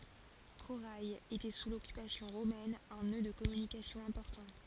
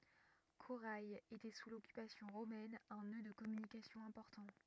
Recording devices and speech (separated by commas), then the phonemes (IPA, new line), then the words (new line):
forehead accelerometer, rigid in-ear microphone, read sentence
koʁɛ etɛ su lɔkypasjɔ̃ ʁomɛn œ̃ nø də kɔmynikasjɔ̃ ɛ̃pɔʁtɑ̃
Coray était sous l'occupation romaine un nœud de communication important.